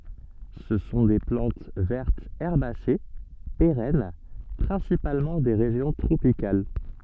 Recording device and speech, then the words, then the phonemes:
soft in-ear microphone, read sentence
Ce sont des plantes vertes herbacées, pérennes, principalement des régions tropicales.
sə sɔ̃ de plɑ̃t vɛʁtz ɛʁbase peʁɛn pʁɛ̃sipalmɑ̃ de ʁeʒjɔ̃ tʁopikal

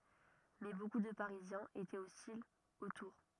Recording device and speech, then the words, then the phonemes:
rigid in-ear microphone, read sentence
Mais beaucoup de Parisiens étaient hostiles aux tours.
mɛ boku də paʁizjɛ̃z etɛt ɔstilz o tuʁ

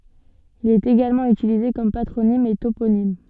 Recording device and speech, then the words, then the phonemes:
soft in-ear microphone, read sentence
Il est également utilisé comme patronyme et toponyme.
il ɛt eɡalmɑ̃ ytilize kɔm patʁonim e toponim

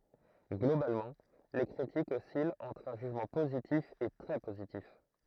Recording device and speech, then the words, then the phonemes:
throat microphone, read sentence
Globalement, les critiques oscillent entre un jugement positif et très positif.
ɡlobalmɑ̃ le kʁitikz ɔsilt ɑ̃tʁ œ̃ ʒyʒmɑ̃ pozitif e tʁɛ pozitif

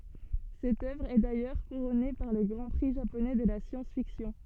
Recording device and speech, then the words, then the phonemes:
soft in-ear microphone, read sentence
Cette œuvre est d'ailleurs couronnée par le Grand Prix japonais de la science-fiction.
sɛt œvʁ ɛ dajœʁ kuʁɔne paʁ lə ɡʁɑ̃ pʁi ʒaponɛ də la sjɑ̃sfiksjɔ̃

